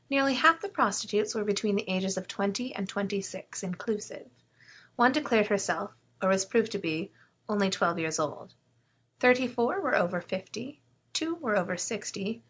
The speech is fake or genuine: genuine